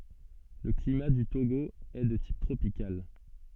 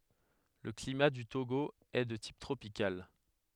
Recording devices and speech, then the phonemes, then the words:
soft in-ear microphone, headset microphone, read sentence
lə klima dy toɡo ɛ də tip tʁopikal
Le climat du Togo est de type tropical.

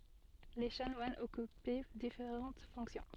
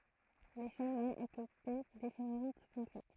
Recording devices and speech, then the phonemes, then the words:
soft in-ear microphone, throat microphone, read sentence
le ʃanwanz ɔkypɛ difeʁɑ̃t fɔ̃ksjɔ̃
Les chanoines occupaient différentes fonctions.

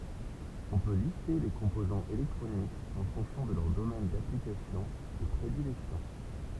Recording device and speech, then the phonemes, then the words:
temple vibration pickup, read sentence
ɔ̃ pø liste le kɔ̃pozɑ̃z elɛktʁonikz ɑ̃ fɔ̃ksjɔ̃ də lœʁ domɛn daplikasjɔ̃ də pʁedilɛksjɔ̃
On peut lister les composants électroniques en fonction de leur domaine d'application de prédilection.

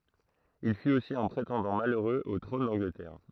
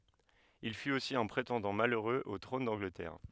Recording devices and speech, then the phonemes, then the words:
throat microphone, headset microphone, read sentence
il fyt osi œ̃ pʁetɑ̃dɑ̃ maløʁøz o tʁɔ̃n dɑ̃ɡlətɛʁ
Il fut aussi un prétendant malheureux au trône d'Angleterre.

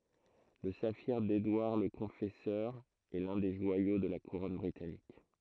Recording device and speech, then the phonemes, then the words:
throat microphone, read sentence
lə safiʁ dedwaʁ lə kɔ̃fɛsœʁ ɛ lœ̃ de ʒwajo də la kuʁɔn bʁitanik
Le saphir d'Édouard le Confesseur est l'un des joyaux de la Couronne britannique.

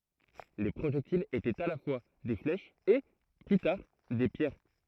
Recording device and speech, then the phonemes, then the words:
throat microphone, read sentence
le pʁoʒɛktilz etɛt a la fwa de flɛʃz e ply taʁ de pjɛʁ
Les projectiles étaient à la fois des flèches et, plus tard, des pierres.

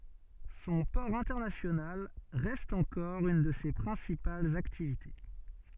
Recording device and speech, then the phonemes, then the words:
soft in-ear microphone, read sentence
sɔ̃ pɔʁ ɛ̃tɛʁnasjonal ʁɛst ɑ̃kɔʁ yn də se pʁɛ̃sipalz aktivite
Son port international reste encore une de ses principales activités.

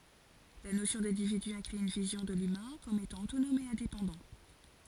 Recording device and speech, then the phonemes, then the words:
forehead accelerometer, read sentence
la nosjɔ̃ dɛ̃dividy ɛ̃kly yn vizjɔ̃ də lymɛ̃ kɔm etɑ̃ otonɔm e ɛ̃depɑ̃dɑ̃
La notion d'individu inclut une vision de l'humain comme étant autonome et indépendant.

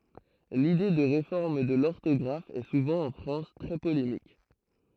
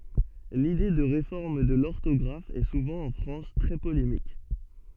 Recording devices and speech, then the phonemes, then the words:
throat microphone, soft in-ear microphone, read sentence
lide də ʁefɔʁm də lɔʁtɔɡʁaf ɛ suvɑ̃ ɑ̃ fʁɑ̃s tʁɛ polemik
L'idée de réforme de l'orthographe est souvent en France très polémique.

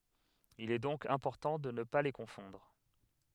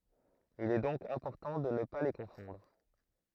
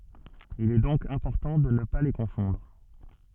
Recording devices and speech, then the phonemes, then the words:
headset microphone, throat microphone, soft in-ear microphone, read sentence
il ɛ dɔ̃k ɛ̃pɔʁtɑ̃ də nə pa le kɔ̃fɔ̃dʁ
Il est donc important de ne pas les confondre.

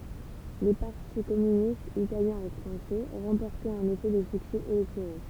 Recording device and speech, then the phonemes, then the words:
temple vibration pickup, read sentence
le paʁti kɔmynistz italjɛ̃ e fʁɑ̃sɛ ʁɑ̃pɔʁtɛt ɑ̃n efɛ de syksɛ elɛktoʁo
Les partis communistes italien et français remportaient en effet des succès électoraux.

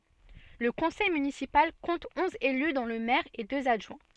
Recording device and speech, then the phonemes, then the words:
soft in-ear microphone, read sentence
lə kɔ̃sɛj mynisipal kɔ̃t ɔ̃z ely dɔ̃ lə mɛʁ e døz adʒwɛ̃
Le conseil municipal compte onze élus dont le maire et deux adjoints.

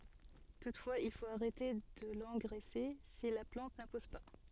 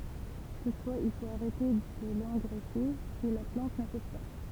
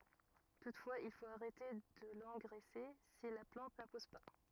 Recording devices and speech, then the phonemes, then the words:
soft in-ear microphone, temple vibration pickup, rigid in-ear microphone, read sentence
tutfwaz il fot aʁɛte də lɑ̃ɡʁɛse si la plɑ̃t nə pus pa
Toutefois, il faut arrêter de l'engraisser si la plante ne pousse pas.

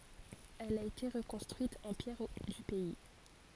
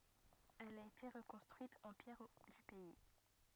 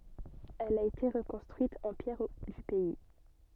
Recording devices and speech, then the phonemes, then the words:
forehead accelerometer, rigid in-ear microphone, soft in-ear microphone, read sentence
ɛl a ete ʁəkɔ̃stʁyit ɑ̃ pjɛʁ dy pɛi
Elle a été reconstruite en pierres du pays.

